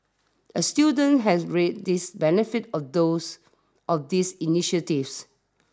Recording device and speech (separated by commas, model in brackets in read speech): standing microphone (AKG C214), read sentence